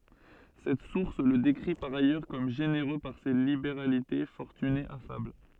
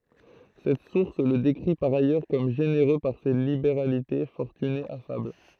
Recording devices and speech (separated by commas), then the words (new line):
soft in-ear microphone, throat microphone, read sentence
Cette source le décrit par ailleurs comme généreux par ses libéralités, fortuné, affable.